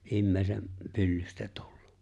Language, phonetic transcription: Finnish, '’imme̬e̬ⁱsem , 'pyllystᴀ̈ tᴜʟʟᴜ .
- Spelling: ihmisen pyllystä tullut

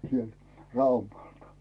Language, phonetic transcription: Finnish, sielt , 'Raumaltᴀ .
- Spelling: sieltä Raumalta

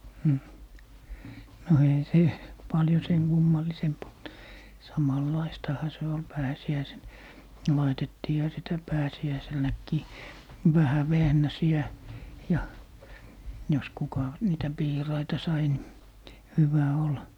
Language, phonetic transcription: Finnish, hmh , 'no eihä 'se , 'paljo "seŋ kummallisemp olt , 'samal'laistaha se ol 'pääsi₍äisen , 'laitettiiha 'sitä 'pääsi₍äiselnäkkii "vähä 'vehnäsi₍ä , ja , jos 'kuka , 'niitä "piiraita 'sai ni , 'hyvä 'ol .
- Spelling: mm no eihän se paljon sen kummallisempi ollut samanlaistahan se oli pääsiäisenä laitettiinhan sitä pääsiäisenäkin vähän vehnäsiä ja jos kuka niitä piiraita sai niin hyvä oli

